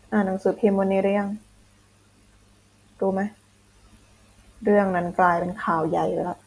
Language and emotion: Thai, frustrated